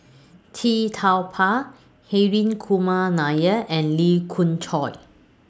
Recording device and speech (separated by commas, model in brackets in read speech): standing microphone (AKG C214), read sentence